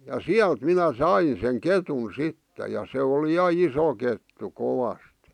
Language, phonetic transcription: Finnish, ja "siält 'minä 'sain̬ seŋ "ketun̬ 'sitte ja se oli 'ja 'iso kettu 'kovast .
- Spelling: ja sieltä minä sain sen ketun sitten ja se oli ja iso kettu kovasti

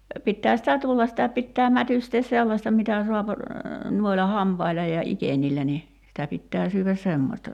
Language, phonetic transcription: Finnish, no , 'pittää sitä 'tullas sitä 'pittää 'mätystees 'sellaśta mitä suap , 'nuoila 'hampaila ja 'ikeńillä ni , sitä 'pittää syyväs 'semmośta .
- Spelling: no pitää sitä tulla sitä pitää mätystää sellaista mitä saa noilla hampailla ja ikenillä niin sitä pitää syödä semmoista

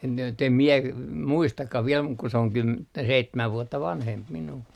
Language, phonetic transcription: Finnish, en , jot ‿em 'mie , 'muistakkah viel muk ku se oŋ kym - 'seittämäv 'vuotta "vanhemp minuu .
- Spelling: en jotta en minä muistakaan vielä mutta kun se on - seitsemän vuotta vanhempi minua

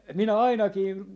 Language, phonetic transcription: Finnish, 'minä "ainakii , .
- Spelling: minä ainakin

